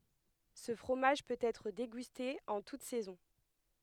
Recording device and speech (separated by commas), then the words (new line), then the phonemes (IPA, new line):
headset microphone, read sentence
Ce fromage peut être dégusté en toutes saisons.
sə fʁomaʒ pøt ɛtʁ deɡyste ɑ̃ tut sɛzɔ̃